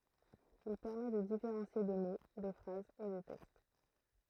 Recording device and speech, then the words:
throat microphone, read sentence
Il permet de différencier des mots, des phrases et des textes.

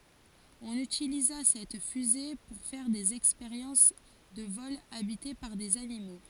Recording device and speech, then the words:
forehead accelerometer, read sentence
On utilisa cette fusée pour faire des expériences de vols habités par des animaux.

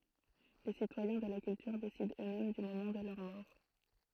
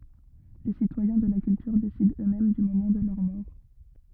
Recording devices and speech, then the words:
throat microphone, rigid in-ear microphone, read sentence
Les citoyens de la Culture décident eux-mêmes du moment de leur mort.

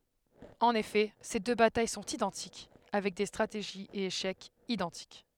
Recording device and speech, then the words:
headset microphone, read sentence
En effet, ces deux batailles sont identiques, avec des stratégies et échecs identiques.

